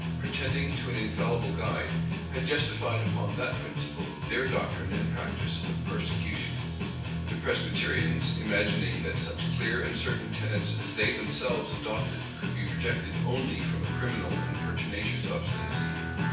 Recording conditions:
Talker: one person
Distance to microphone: 9.8 m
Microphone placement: far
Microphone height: 1.8 m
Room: large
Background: music

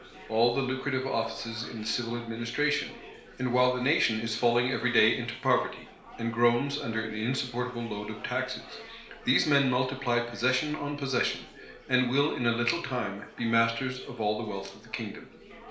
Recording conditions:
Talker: one person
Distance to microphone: 1.0 m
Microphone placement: close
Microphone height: 1.1 m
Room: small (3.7 m by 2.7 m)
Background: babble

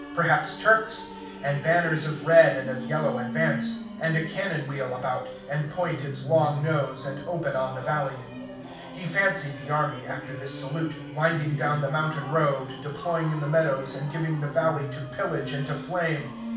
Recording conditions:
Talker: one person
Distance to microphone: 5.8 m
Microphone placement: far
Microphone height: 1.8 m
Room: medium-sized (5.7 m by 4.0 m)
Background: music

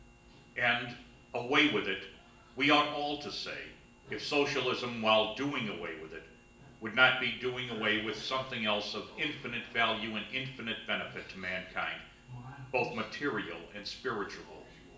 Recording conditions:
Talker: one person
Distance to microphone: 1.8 m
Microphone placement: close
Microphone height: 1.0 m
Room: large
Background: television

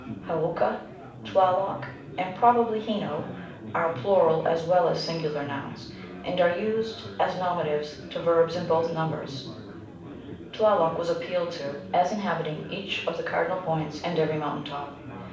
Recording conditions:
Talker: one person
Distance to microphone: 5.8 m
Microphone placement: far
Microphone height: 1.8 m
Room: medium-sized (5.7 m by 4.0 m)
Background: babble

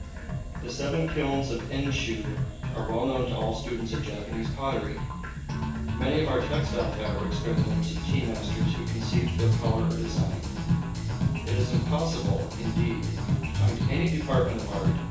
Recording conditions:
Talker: one person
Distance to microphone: 9.8 m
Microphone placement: far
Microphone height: 1.8 m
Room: large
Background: music

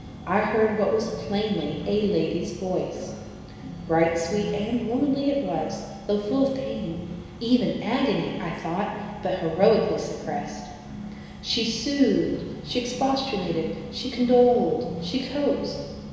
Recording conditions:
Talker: one person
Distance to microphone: 1.7 m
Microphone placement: close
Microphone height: 1.0 m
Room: very reverberant, large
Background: music

